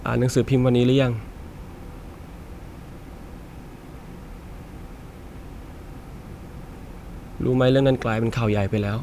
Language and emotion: Thai, sad